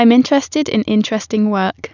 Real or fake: real